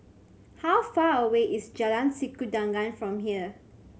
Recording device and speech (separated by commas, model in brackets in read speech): mobile phone (Samsung C7100), read sentence